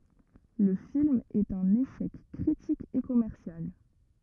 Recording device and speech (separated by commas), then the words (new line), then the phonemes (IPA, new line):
rigid in-ear microphone, read sentence
Le film est un échec critique et commercial.
lə film ɛt œ̃n eʃɛk kʁitik e kɔmɛʁsjal